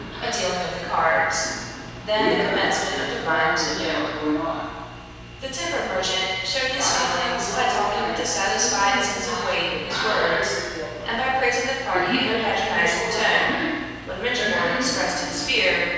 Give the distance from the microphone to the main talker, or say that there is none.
7.1 m.